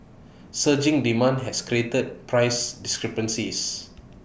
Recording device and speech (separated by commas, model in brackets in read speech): boundary microphone (BM630), read sentence